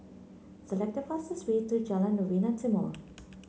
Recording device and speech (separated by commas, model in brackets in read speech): mobile phone (Samsung C9), read sentence